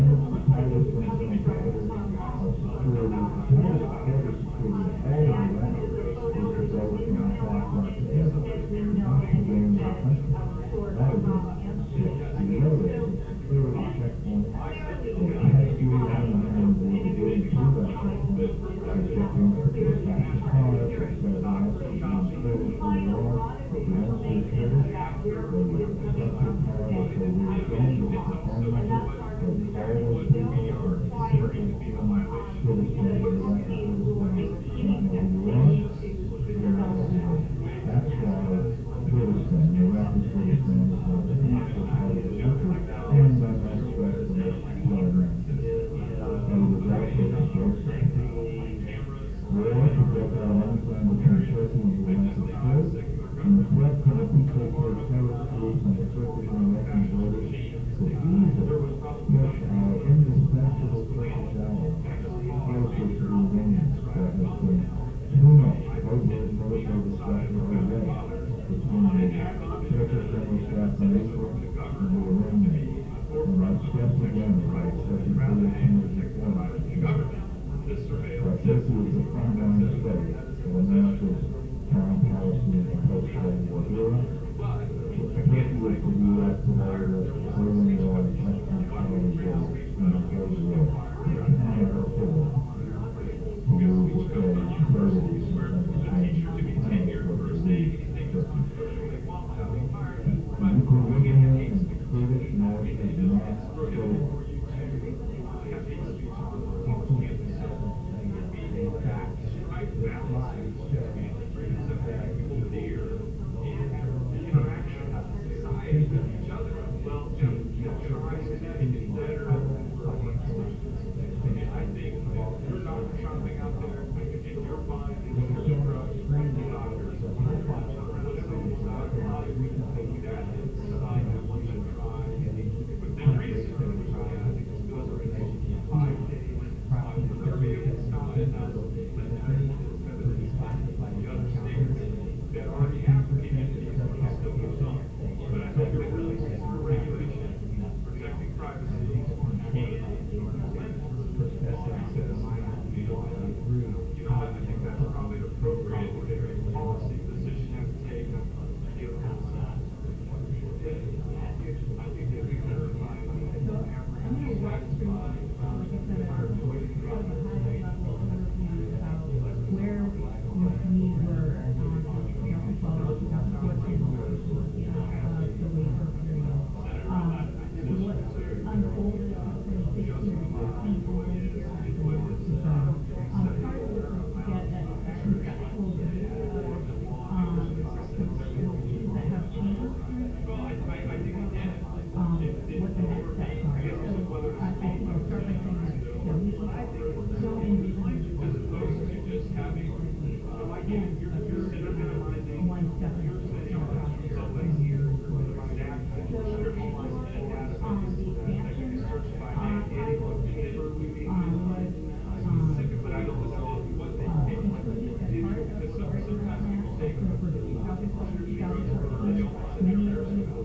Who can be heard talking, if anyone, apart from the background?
No one.